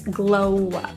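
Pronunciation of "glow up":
In 'glow up', the two words are linked together with no break between them.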